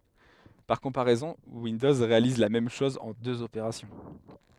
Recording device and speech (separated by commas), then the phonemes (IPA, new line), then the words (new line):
headset microphone, read sentence
paʁ kɔ̃paʁɛzɔ̃ windɔz ʁealiz la mɛm ʃɔz ɑ̃ døz opeʁasjɔ̃
Par comparaison, Windows réalise la même chose en deux opérations.